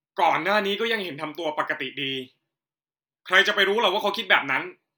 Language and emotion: Thai, angry